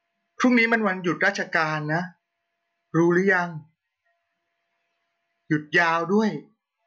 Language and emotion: Thai, neutral